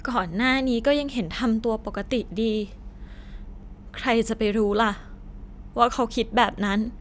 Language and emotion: Thai, sad